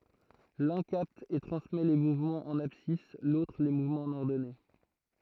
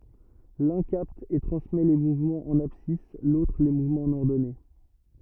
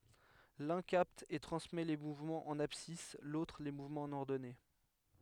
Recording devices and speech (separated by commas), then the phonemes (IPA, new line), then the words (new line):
throat microphone, rigid in-ear microphone, headset microphone, read sentence
lœ̃ kapt e tʁɑ̃smɛ le muvmɑ̃z ɑ̃n absis lotʁ le muvmɑ̃z ɑ̃n ɔʁdɔne
L'un capte et transmet les mouvements en abscisse, l'autre les mouvements en ordonnée.